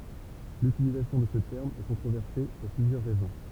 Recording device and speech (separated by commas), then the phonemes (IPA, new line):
temple vibration pickup, read sentence
lytilizasjɔ̃ də sə tɛʁm ɛ kɔ̃tʁovɛʁse puʁ plyzjœʁ ʁɛzɔ̃